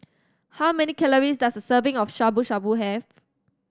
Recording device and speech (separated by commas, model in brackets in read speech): standing microphone (AKG C214), read sentence